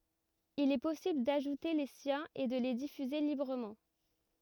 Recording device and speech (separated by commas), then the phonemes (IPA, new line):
rigid in-ear microphone, read sentence
il ɛ pɔsibl daʒute le sjɛ̃z e də le difyze libʁəmɑ̃